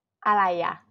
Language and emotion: Thai, frustrated